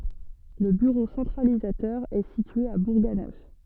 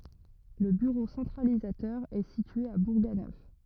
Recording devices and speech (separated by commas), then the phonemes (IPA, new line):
soft in-ear microphone, rigid in-ear microphone, read sentence
lə byʁo sɑ̃tʁalizatœʁ ɛ sitye a buʁɡanœf